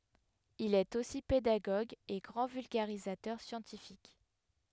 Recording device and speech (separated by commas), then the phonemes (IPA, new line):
headset microphone, read sentence
il ɛt osi pedaɡoɡ e ɡʁɑ̃ vylɡaʁizatœʁ sjɑ̃tifik